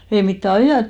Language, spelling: Finnish, ei mitään -
- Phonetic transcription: ei mittä 'ajàt- ,.

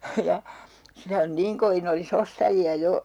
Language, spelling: Finnish, ja sitä on niin kovin olisi ostajia jo
- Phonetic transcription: ja , 'sitä on "niiŋ kovin ‿oli's ‿ostaji₍a 'jo .

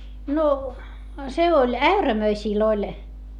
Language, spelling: Finnish, no se oli äyrämöisillä oli
- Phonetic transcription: no , se oĺ äyrämöisìl ‿oĺ ,.

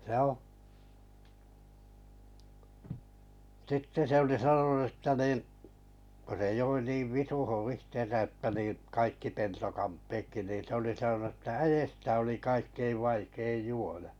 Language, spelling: Finnish, se on sitten se oli sanonut että niin kun se joi niin visuun itsensä että niin kaikki peltokamppeetkin niin se oli sanonut että äestä oli kaikkein vaikein juoda
- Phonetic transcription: (se ‿o.) sitte 'se oli 'sanonu ᵊttä 'nìn , ko se 'joi 'niiv "visuhun 'ihten̬sä että nii , kaikki 'peltokamppeekki nin se oli 'sanonu ᵊttä » "äjestä oli 'kaikkeiv 'vaikeij 'juo(D)a « .

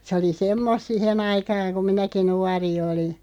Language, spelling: Finnish, se oli semmoista siihen aikaan kun minäkin nuori olin
- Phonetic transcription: se oli "semmost 'sihen ‿aikaaŋ ku 'minäki 'nuari 'oli .

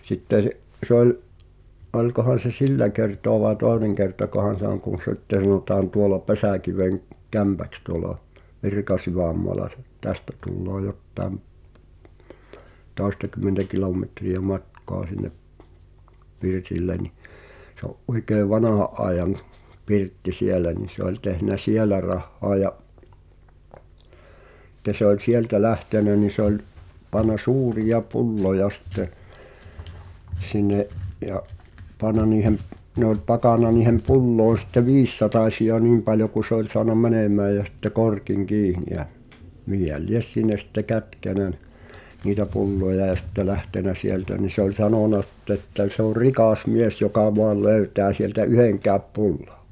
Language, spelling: Finnish, sitten se se oli olikohan se sillä kertaa vai toinen kertakohan se on kun sitten sanotaan tuolla - Pesäkivenkämpäksi tuolla Virkasydänmaalla se tästä tulee jotakin toistakymmentä kilometriä matkaa sinne pirtille niin se on oikein vanhan ajan pirtti siellä niin se oli tehnyt siellä rahaa ja sitten se oli sieltä lähtenyt niin se oli pannut suuria pulloja sitten sinne ja pannut niiden ne oli pakannut niihin pulloihin sitten viisisatasia niin paljon kuin se oli saanut menemään ja sitten korkin kiinni ja mihin lie sinne sitten kätkenyt ne niitä pulloja ja sitten lähtenyt sieltä niin se oli sanonut sitten että - se oli rikas mies joka vain löytää sieltä yhdenkään pullon
- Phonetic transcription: 'sitte sᵉ’ , sᵉ ‿oĺ , '’oĺkohan̬ se "sillä kertoa vae "tòeneŋ kertakohan̬ se ‿oŋ kùn̬ 'si̬tte sanòtaan tuola "Pesä̀kiveŋ- , -'Kämpäks tuŏla , "Virkasyvä̀mmoala ˢᵉ , 'tästä tulloo 'jottàem , 'tòi̬stakymentä "kilòmetri₍ä "matkoa sin̆nep , 'pirtille ni , se ‿o’ "’oikeev 'vanaha’ ’aejaŋ̳ , 'pirtti "sielä ni se ‿oĺ tehnä "sielä rahhoa ja’ , [si]tte se ‿oĺ "sieltä 'lähtènä ni sᵉ ‿oĺ , pan̆na "suurija "pu̬lloja sⁱtte , 'sin̆ne’ , ja’ , 'pan̆na niihem’ , ne ‿ol 'pakàn̆na niihem "pu̬llòi̬n sⁱtte "viissatàśi₍a "niim paljo ku 'se ‿oĺ soan(a) "mänèm̀ää jä sitte 'korkiŋ "kiini ʲä , 'mihihäl "lies 'sin̆ne sⁱtte 'kätkènä ne , niitä 'pulloja ʲa sⁱtte 'lähtenä "sieltä ni se ‿oĺ "sanòna sitte ‿ttä ˡ- » se ‿or "rikàs 'mies jokà voal "löytää sieltä "yheŋkääp 'pu̬llo « .

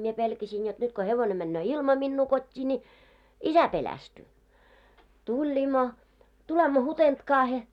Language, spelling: Finnish, minä pelkäsin jotta nyt kun hevonen menee ilman minua kotiin niin isä pelästyy tullimme tulemme Hutentkaan
- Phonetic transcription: mie pelkäsin jot 'nyt ko 'hevone männöö "ilma minnuu kot́t́ii ńi , "isä 'pelästyy , 'tuĺ̳ĺ̳§immo , tulemmo 'Hutentkaahe .

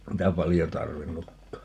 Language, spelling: Finnish, niitä paljon tarvinnutkaan
- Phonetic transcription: 'niitä 'paljo "tarvinnukkaa .

